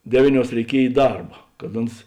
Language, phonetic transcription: Lithuanian, ˈdevyˌniuos reiˈkiej i ˈdarba kad ˈuns

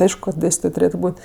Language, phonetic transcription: Lithuanian, ˈaišku ka ˈdėstitoj tuˈrėtu ˈbūt'

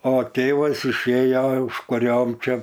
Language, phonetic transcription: Lithuanian, o ˈtėvas išˈėjo užkuˈriom ˈčia

